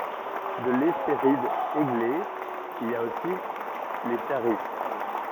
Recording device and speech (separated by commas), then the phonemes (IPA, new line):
rigid in-ear microphone, read sentence
də lɛspeʁid eɡle il a osi le ʃaʁit